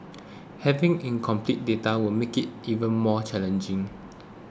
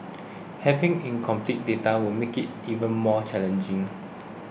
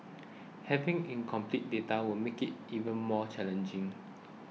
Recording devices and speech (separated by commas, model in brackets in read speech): close-talking microphone (WH20), boundary microphone (BM630), mobile phone (iPhone 6), read sentence